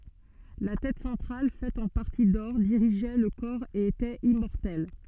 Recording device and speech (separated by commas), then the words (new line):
soft in-ear microphone, read sentence
La tête centrale, faite en partie d'or, dirigeait le corps et était immortelle.